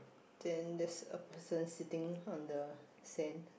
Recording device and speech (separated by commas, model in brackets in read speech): boundary microphone, conversation in the same room